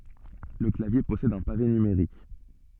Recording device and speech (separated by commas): soft in-ear microphone, read sentence